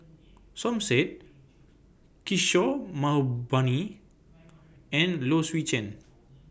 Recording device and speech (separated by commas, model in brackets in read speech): boundary microphone (BM630), read sentence